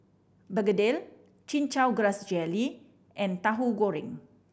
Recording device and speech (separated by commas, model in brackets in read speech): boundary microphone (BM630), read sentence